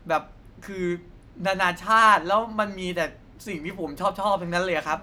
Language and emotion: Thai, happy